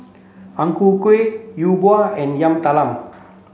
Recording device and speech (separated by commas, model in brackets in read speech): mobile phone (Samsung C7), read sentence